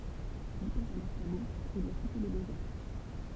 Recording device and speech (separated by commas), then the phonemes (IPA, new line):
temple vibration pickup, read sentence
il pɛʁ alɔʁ sa buʁs e dwa kite le boksaʁ